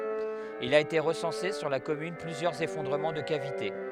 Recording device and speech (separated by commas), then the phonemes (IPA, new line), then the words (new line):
headset microphone, read sentence
il a ete ʁəsɑ̃se syʁ la kɔmyn plyzjœʁz efɔ̃dʁəmɑ̃ də kavite
Il a été recensé sur la commune plusieurs effondrements de cavités.